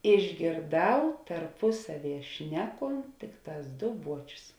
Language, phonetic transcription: Lithuanian, išgėrˈdau tarpuˈsaˌvie ˈšneˌkont ˈtikˌtās ˈdo ˈbuočius

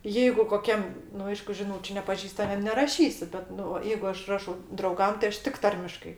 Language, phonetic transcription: Lithuanian, ˈjeigu koˈkiam nu ˈaišku žiˈnūčiu nepaˈžįstamiem neraˈšysi ˈbet ˈnu va ˈjeigu ˈaš ˈrašau drauˈgam ti ˈaš ˈtik ˈtarmiškai

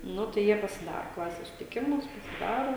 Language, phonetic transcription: Lithuanian, ˈnu tai ˈjie pasiˈdaro ˈklases susitiˈkimus pasiˈdaro

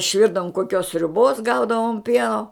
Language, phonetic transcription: Lithuanian, išˈvirdavum koˈkios sriuˈbos ˈgaudavom ˈpieno

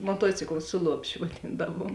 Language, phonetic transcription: Lithuanian, moˈtuocikla ˈsu luopˌšiu vaˈdyndavuom

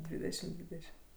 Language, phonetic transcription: Lithuanian, ˈdvydešim ˈdvydešim

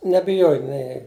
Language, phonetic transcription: Lithuanian, nebiˈjoj nei

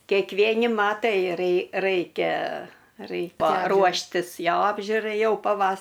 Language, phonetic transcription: Lithuanian, kekˈvieni ˈmatai rei ˈraikia ˈraikia ˈruoštis ˈjo ˈapžiurai ˈjau paˈvas

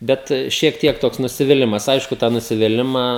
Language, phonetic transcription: Lithuanian, ˈbet šiek ˈtiek ˈtoks nusiviˈlimas ˈaišku tą nusiviˈlimą

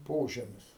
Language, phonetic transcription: Lithuanian, ˈpožemis

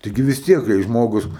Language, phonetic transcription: Lithuanian, taiˈgi vis ˈtiek kai ˈžmogus

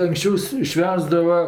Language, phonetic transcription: Lithuanian, ankˈsčiaus ˈšvęsdava

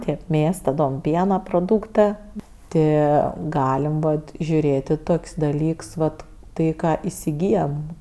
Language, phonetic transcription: Lithuanian, ˈtėp ˈmės taˈdom ˈpiena proˈdūktɜ ˈtɜ ˈgalem ˈbot žiuˈrėt' i ˈtok's' daˈlyks vat ˈtai ˈką isiˈgyjam

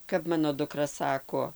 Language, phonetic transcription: Lithuanian, kap ˈmano duˈkra ˈsako

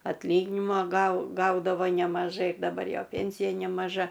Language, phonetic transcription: Lithuanian, atlˈyginima gau ˈgaudavo nemaˈžai daˈbar ˈjo ˈpėnsija nemaˈža

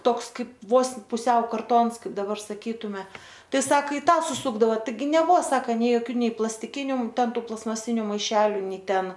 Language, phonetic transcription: Lithuanian, ˈtoks ˈkaip ˈvos puˈsiau karˈtons ˈkaip daˈbar saˈkytume ˈtai ˈsak i ˈtą suˈsukdava taiˈgi neˈbuo ˈsaka nei joˈkių ˈnei plastiˈkiniu ˈten ˈtų plastmaˈsiniu maiˈšeliu ˈnei ˈten

